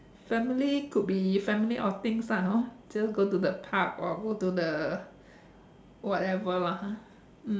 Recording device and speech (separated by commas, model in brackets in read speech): standing microphone, conversation in separate rooms